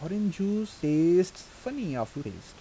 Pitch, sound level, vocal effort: 180 Hz, 84 dB SPL, soft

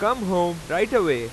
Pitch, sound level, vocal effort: 175 Hz, 98 dB SPL, very loud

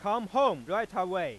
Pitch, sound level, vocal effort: 210 Hz, 103 dB SPL, very loud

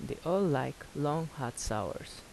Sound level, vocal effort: 81 dB SPL, soft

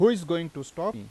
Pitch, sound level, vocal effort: 170 Hz, 93 dB SPL, loud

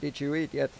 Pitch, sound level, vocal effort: 145 Hz, 88 dB SPL, normal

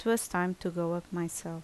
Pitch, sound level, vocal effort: 175 Hz, 76 dB SPL, normal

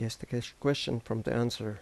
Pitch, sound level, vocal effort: 120 Hz, 81 dB SPL, soft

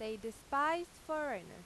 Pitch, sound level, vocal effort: 285 Hz, 94 dB SPL, very loud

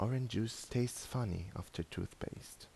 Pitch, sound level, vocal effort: 115 Hz, 77 dB SPL, soft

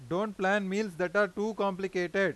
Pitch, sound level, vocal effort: 195 Hz, 96 dB SPL, very loud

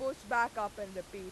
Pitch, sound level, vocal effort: 210 Hz, 98 dB SPL, very loud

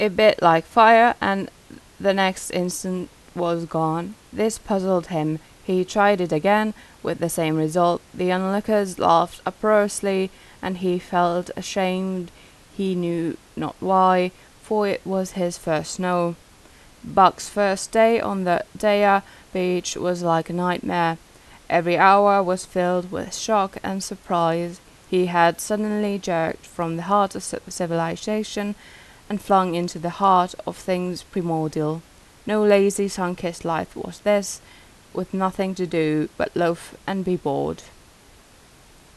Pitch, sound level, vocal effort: 185 Hz, 84 dB SPL, normal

